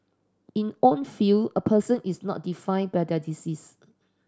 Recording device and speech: standing microphone (AKG C214), read sentence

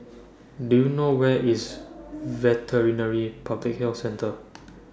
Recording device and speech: standing microphone (AKG C214), read sentence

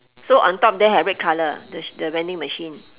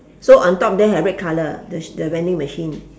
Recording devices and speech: telephone, standing microphone, conversation in separate rooms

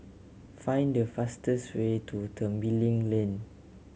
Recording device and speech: mobile phone (Samsung C7100), read sentence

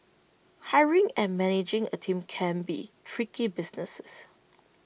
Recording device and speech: boundary microphone (BM630), read sentence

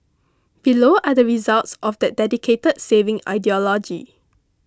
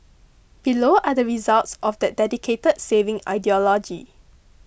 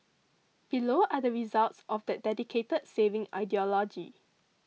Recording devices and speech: close-talking microphone (WH20), boundary microphone (BM630), mobile phone (iPhone 6), read sentence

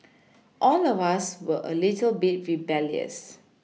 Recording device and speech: mobile phone (iPhone 6), read sentence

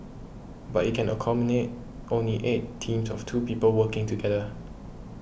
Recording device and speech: boundary microphone (BM630), read sentence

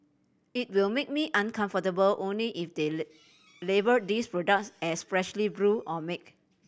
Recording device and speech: boundary microphone (BM630), read sentence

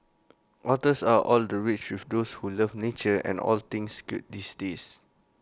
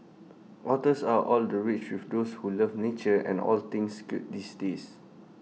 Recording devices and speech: close-talking microphone (WH20), mobile phone (iPhone 6), read sentence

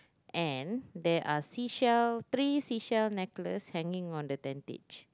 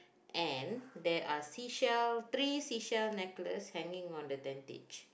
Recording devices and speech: close-talking microphone, boundary microphone, conversation in the same room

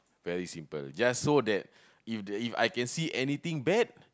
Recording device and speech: close-talking microphone, conversation in the same room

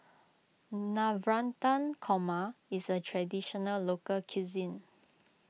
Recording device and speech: mobile phone (iPhone 6), read sentence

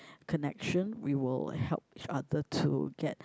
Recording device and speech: close-talking microphone, conversation in the same room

